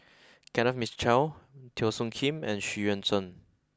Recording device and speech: close-talking microphone (WH20), read sentence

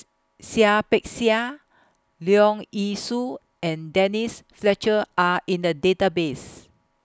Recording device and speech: close-talking microphone (WH20), read sentence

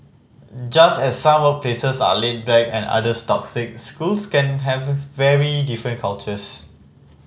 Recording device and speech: mobile phone (Samsung C5010), read sentence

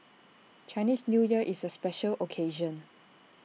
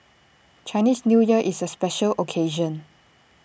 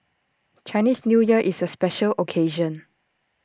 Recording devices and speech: mobile phone (iPhone 6), boundary microphone (BM630), standing microphone (AKG C214), read sentence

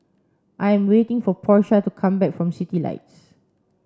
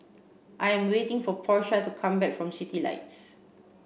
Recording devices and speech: standing microphone (AKG C214), boundary microphone (BM630), read sentence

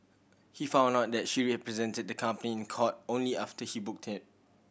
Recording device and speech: boundary microphone (BM630), read sentence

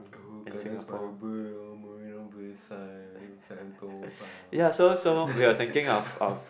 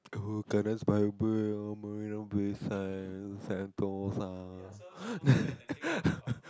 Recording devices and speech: boundary microphone, close-talking microphone, conversation in the same room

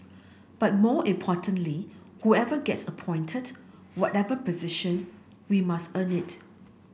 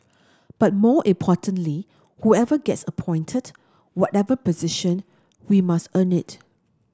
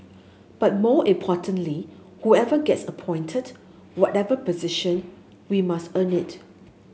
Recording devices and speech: boundary microphone (BM630), standing microphone (AKG C214), mobile phone (Samsung S8), read sentence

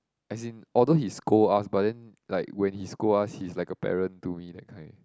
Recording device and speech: close-talking microphone, conversation in the same room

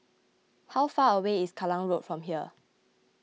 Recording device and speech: mobile phone (iPhone 6), read sentence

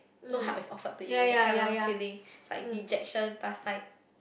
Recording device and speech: boundary microphone, conversation in the same room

